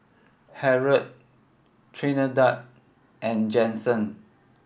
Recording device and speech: boundary microphone (BM630), read sentence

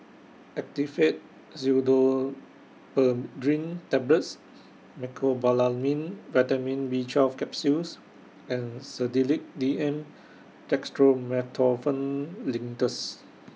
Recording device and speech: mobile phone (iPhone 6), read sentence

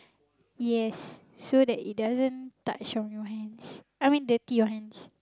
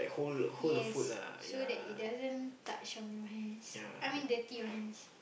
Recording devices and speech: close-talking microphone, boundary microphone, conversation in the same room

